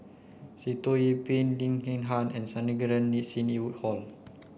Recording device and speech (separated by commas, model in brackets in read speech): boundary microphone (BM630), read sentence